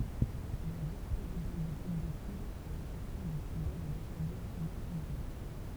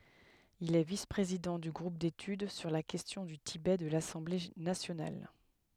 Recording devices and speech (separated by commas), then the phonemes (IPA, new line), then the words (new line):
temple vibration pickup, headset microphone, read sentence
il ɛ vis pʁezidɑ̃ dy ɡʁup detyd syʁ la kɛstjɔ̃ dy tibɛ də lasɑ̃ble nasjonal
Il est vice-président du groupe d'études sur la question du Tibet de l'Assemblée nationale.